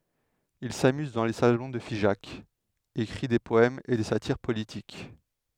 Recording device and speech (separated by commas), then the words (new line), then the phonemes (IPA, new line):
headset microphone, read sentence
Il s’amuse dans les salons de Figeac, écrit des poèmes et des satyres politiques.
il samyz dɑ̃ le salɔ̃ də fiʒak ekʁi de pɔɛmz e de satiʁ politik